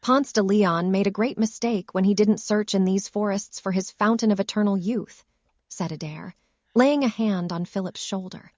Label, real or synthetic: synthetic